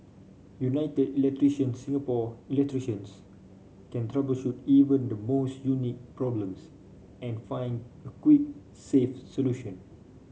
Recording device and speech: mobile phone (Samsung C5), read sentence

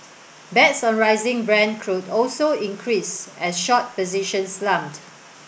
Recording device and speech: boundary microphone (BM630), read sentence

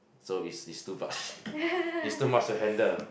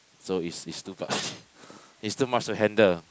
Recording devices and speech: boundary microphone, close-talking microphone, conversation in the same room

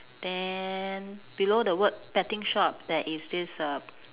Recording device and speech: telephone, conversation in separate rooms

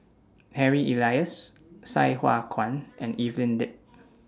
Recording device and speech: standing microphone (AKG C214), read sentence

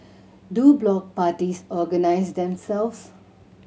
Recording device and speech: mobile phone (Samsung C7100), read sentence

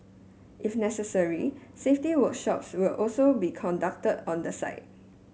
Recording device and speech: mobile phone (Samsung S8), read sentence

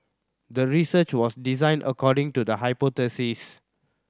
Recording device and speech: standing microphone (AKG C214), read sentence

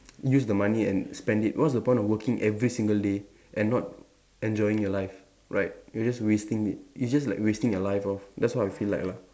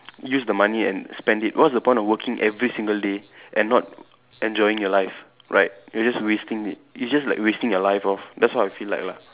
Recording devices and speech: standing microphone, telephone, conversation in separate rooms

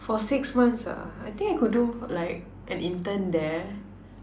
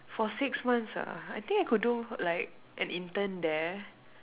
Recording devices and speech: standing microphone, telephone, conversation in separate rooms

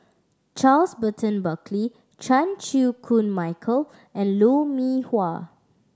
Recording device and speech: standing microphone (AKG C214), read sentence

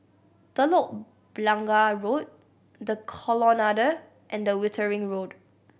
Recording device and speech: boundary microphone (BM630), read sentence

